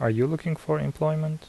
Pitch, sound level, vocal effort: 155 Hz, 78 dB SPL, soft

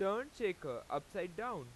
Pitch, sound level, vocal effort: 230 Hz, 96 dB SPL, very loud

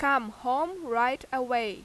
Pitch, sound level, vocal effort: 255 Hz, 91 dB SPL, very loud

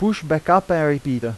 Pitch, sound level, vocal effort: 155 Hz, 90 dB SPL, loud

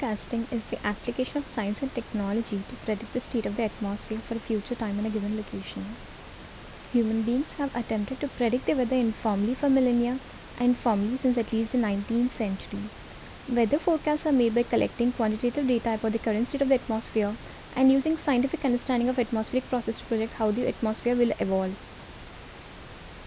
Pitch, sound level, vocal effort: 235 Hz, 74 dB SPL, soft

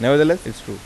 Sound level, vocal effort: 89 dB SPL, normal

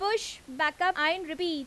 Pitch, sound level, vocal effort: 335 Hz, 92 dB SPL, very loud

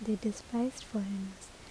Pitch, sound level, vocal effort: 215 Hz, 71 dB SPL, soft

